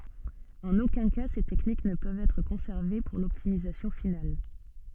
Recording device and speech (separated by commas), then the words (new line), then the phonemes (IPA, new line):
soft in-ear microphone, read sentence
En aucun cas ces techniques ne peuvent être conservées pour l'optimisation finale.
ɑ̃n okœ̃ ka se tɛknik nə pøvt ɛtʁ kɔ̃sɛʁve puʁ lɔptimizasjɔ̃ final